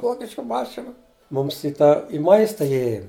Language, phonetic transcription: Lithuanian, ˈvokišku ˈmašinu ˈmums i tą i ˈmaista iˈjėjom

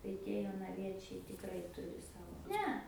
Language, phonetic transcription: Lithuanian, tai ˈtie jonaˈviečiai tikˈrai ˈturi ˈsavo ˈne

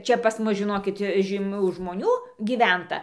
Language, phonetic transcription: Lithuanian, ˈčia pas ˈmus žiˈnokit žyˈmių žmoˈnių gyˈventa

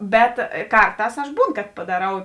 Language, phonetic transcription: Lithuanian, ˈbet ˈkarˌtās aš ˈbūn kad padaˈrau

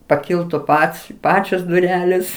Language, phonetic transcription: Lithuanian, paˈkiltu ˈpats ˈpačios duˈrelės

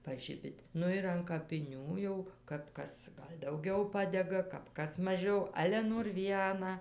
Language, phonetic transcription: Lithuanian, paˈžibit' ˈnu ir an kapiˈnių jau kap ˈkas ˈgal' dauˈgiau ˈpadega kap ˈkas maˈžiau ˈale nor ˈvieną

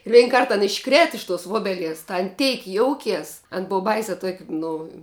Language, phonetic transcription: Lithuanian, ˈvein ˈkart an išˈkrėt iš tos ˈvobelies ta an ˈteik ˈjoukės an ˈbova ˈbaisia tuok' ˈnu

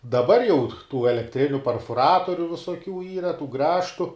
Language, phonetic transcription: Lithuanian, daˈbar jau tų elekˈtriniu perfuˈratoriu visoˈkių ˈyra tų ˈgrąžtu

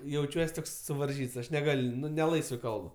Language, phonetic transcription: Lithuanian, jauˈčiuos ˈtoks suvarˈžyts ˈaš neˈgal' ˈnu ne ˈlaisvɜ ˈkalb

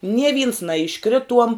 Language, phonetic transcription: Lithuanian, nie vyns naišˈkrituom

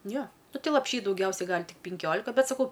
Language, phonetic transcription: Lithuanian, ˈjo ˈnu ˈtai lapˈšy dauˈgiausiai ˈgal' ˈtik pinˈkiolika ˈbet saˈkau

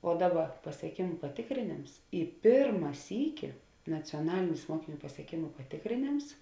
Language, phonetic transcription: Lithuanian, o ˈdaˌba pasieˈkėmu paˈtėkrėnėms i ˈpėrma ˈsyki nacioˈnalinis ˈmuokiˌnių pasieˈkėmu patėkrėˈnėms

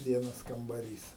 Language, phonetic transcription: Lithuanian, ˈvienas kambaˈrys

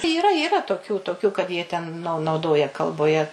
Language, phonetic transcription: Lithuanian, yˈra yˈra toˈkių toˈkiu kad jie ten nau nauˈdoja kalboˈje

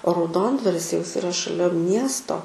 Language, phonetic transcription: Lithuanian, o rauˈdondvaris jau ˈjis iˈra šaˈlia ˈmiesto

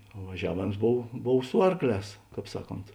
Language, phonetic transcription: Lithuanian, o vaˈžiavėms ˈbov ˈbov ˈsu arkˌlēs ˈkāp ˈsaˌkont

